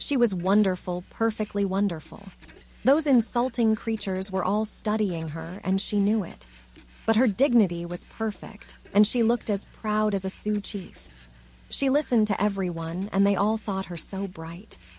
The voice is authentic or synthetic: synthetic